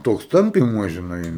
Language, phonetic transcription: Lithuanian, ˈtoks ˈtampymuos žiˈnai

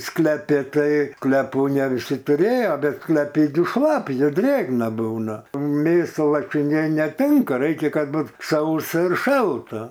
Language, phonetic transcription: Lithuanian, skleˈpi ˈtai kleˈpų ne viˈsi tuˈrėjo ˈbet skleˈpi gi šlaˈpį ir ˈdrėgna ˈbūna ˈmėsa lašiˈniai neˈtinka ˈraikia ˈkad ˈbut ˈsausa ir ˈšalta

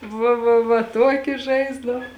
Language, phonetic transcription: Lithuanian, ˈva va va ˈtuoki ˈžaisdav

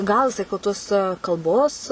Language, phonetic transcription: Lithuanian, ˈgal jiˈsai ku ˈtuos kalˈbos

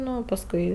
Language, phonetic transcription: Lithuanian, ˈnu pasˈkui

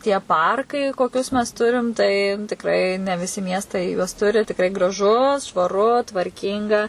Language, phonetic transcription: Lithuanian, tie ˈparkai koˈkius mes ˈturim tai tikˈrai ne viˈsi ˈmiestai juos ˈturi tikˈrai graˈžu švaˈru tvarˈkynga

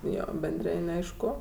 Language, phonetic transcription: Lithuanian, ˈjo benˈdrin' ˈaišku

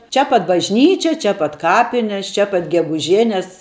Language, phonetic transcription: Lithuanian, ˈčia pat bažˈnyčia ˈčia pat ˈkapines ˈčia pat geguˈženes

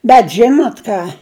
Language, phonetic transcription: Lithuanian, bet ˈžinot ˈką

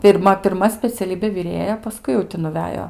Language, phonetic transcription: Lithuanian, pirˈma pirˈma speciaˈlybė viˈrėja paˈskui jau ˈti nuˈvejo

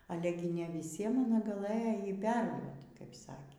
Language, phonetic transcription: Lithuanian, ˈale gi ne viˈsiem aˈna gaˈlɘjo ˈjį ˈperduot kaip ˈsakė

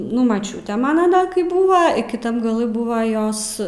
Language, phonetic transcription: Lithuanian, ˈnu maˈčiūtė ˈmana ˈda kai ˈbūva i kiˈtam gaˈlɨ ˈbūva ˈjos

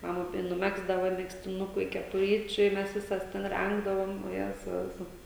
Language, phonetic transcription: Lithuanian, maˈma tai nuˈmegzdava megztiˈnuku i kepuˈryčiu i ˈmes ˈvisas ˈten ˈrengdavom oˈjezau ˈvisos

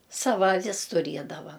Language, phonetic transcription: Lithuanian, ˈsava aˈvis tuˈriedava

